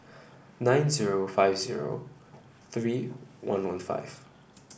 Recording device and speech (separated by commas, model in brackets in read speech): boundary microphone (BM630), read sentence